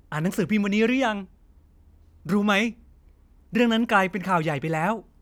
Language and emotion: Thai, happy